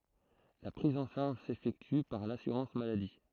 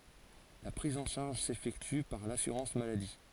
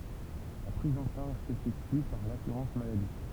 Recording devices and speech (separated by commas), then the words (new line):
throat microphone, forehead accelerometer, temple vibration pickup, read sentence
La prise en charge s'effectue par l'assurance-maladie.